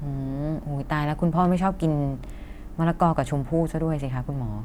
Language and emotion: Thai, neutral